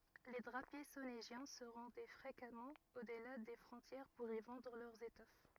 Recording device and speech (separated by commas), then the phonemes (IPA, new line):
rigid in-ear microphone, read sentence
le dʁapje soneʒjɛ̃ sə ʁɑ̃dɛ fʁekamɑ̃ odla de fʁɔ̃tjɛʁ puʁ i vɑ̃dʁ lœʁz etɔf